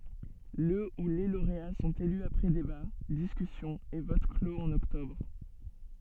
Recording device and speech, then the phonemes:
soft in-ear microphone, read sentence
lə u le loʁea sɔ̃t ely apʁɛ deba diskysjɔ̃z e vot kloz ɑ̃n ɔktɔbʁ

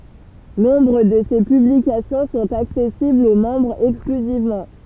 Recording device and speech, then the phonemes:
temple vibration pickup, read sentence
nɔ̃bʁ də se pyblikasjɔ̃ sɔ̃t aksɛsiblz o mɑ̃bʁz ɛksklyzivmɑ̃

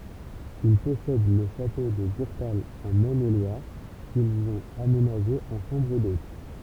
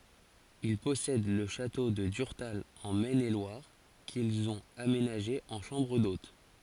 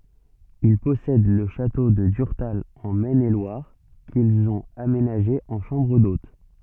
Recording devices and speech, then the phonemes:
temple vibration pickup, forehead accelerometer, soft in-ear microphone, read sentence
il pɔsɛd lə ʃato də dyʁtal ɑ̃ mɛn e lwaʁ kilz ɔ̃t amenaʒe ɑ̃ ʃɑ̃bʁ dot

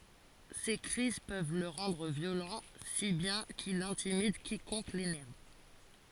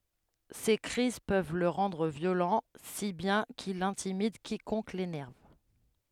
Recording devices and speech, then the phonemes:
forehead accelerometer, headset microphone, read sentence
se kʁiz pøv lə ʁɑ̃dʁ vjolɑ̃ si bjɛ̃ kil ɛ̃timid kikɔ̃k lenɛʁv

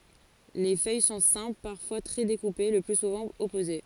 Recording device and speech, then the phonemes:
forehead accelerometer, read sentence
le fœj sɔ̃ sɛ̃pl paʁfwa tʁɛ dekupe lə ply suvɑ̃ ɔpoze

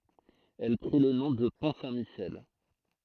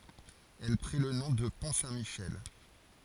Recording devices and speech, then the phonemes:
throat microphone, forehead accelerometer, read sentence
ɛl pʁi lə nɔ̃ də pɔ̃ sɛ̃tmiʃɛl

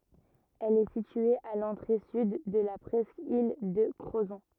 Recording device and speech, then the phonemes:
rigid in-ear microphone, read sentence
ɛl ɛ sitye a lɑ̃tʁe syd də la pʁɛskil də kʁozɔ̃

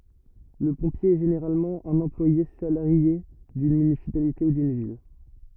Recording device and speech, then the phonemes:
rigid in-ear microphone, read sentence
lə pɔ̃pje ɛ ʒeneʁalmɑ̃ œ̃n ɑ̃plwaje salaʁje dyn mynisipalite u dyn vil

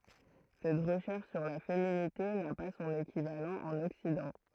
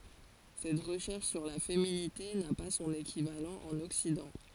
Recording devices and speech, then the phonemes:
throat microphone, forehead accelerometer, read sentence
sɛt ʁəʃɛʁʃ syʁ la feminite na pa sɔ̃n ekivalɑ̃ ɑ̃n ɔksidɑ̃

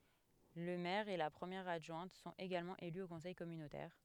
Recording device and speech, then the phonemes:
headset microphone, read sentence
lə mɛʁ e la pʁəmjɛʁ adʒwɛ̃t sɔ̃t eɡalmɑ̃ ely o kɔ̃sɛj kɔmynotɛʁ

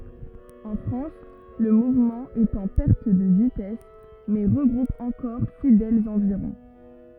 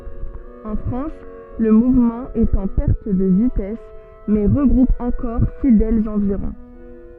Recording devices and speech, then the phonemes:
rigid in-ear microphone, soft in-ear microphone, read sentence
ɑ̃ fʁɑ̃s lə muvmɑ̃ ɛt ɑ̃ pɛʁt də vitɛs mɛ ʁəɡʁup ɑ̃kɔʁ fidɛlz ɑ̃viʁɔ̃

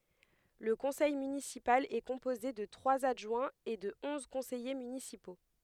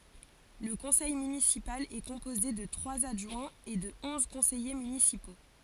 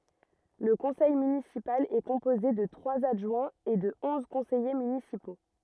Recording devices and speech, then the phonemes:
headset microphone, forehead accelerometer, rigid in-ear microphone, read sentence
lə kɔ̃sɛj mynisipal ɛ kɔ̃poze də tʁwaz adʒwɛ̃z e də ɔ̃z kɔ̃sɛje mynisipo

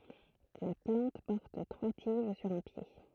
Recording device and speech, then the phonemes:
throat microphone, read sentence
la plɑ̃t pɔʁt tʁwa tiʒ syʁ œ̃ pje

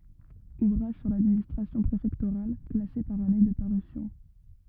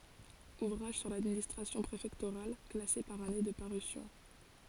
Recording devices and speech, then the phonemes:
rigid in-ear microphone, forehead accelerometer, read sentence
uvʁaʒ syʁ ladministʁasjɔ̃ pʁefɛktoʁal klase paʁ ane də paʁysjɔ̃

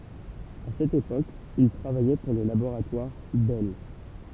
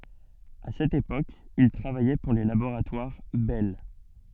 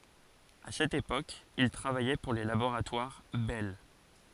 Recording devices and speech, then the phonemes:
temple vibration pickup, soft in-ear microphone, forehead accelerometer, read sentence
a sɛt epok il tʁavajɛ puʁ le laboʁatwaʁ bɛl

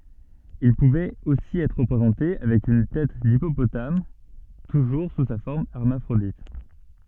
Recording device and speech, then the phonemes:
soft in-ear microphone, read sentence
il puvɛt osi ɛtʁ ʁəpʁezɑ̃te avɛk yn tɛt dipopotam tuʒuʁ su sa fɔʁm ɛʁmafʁodit

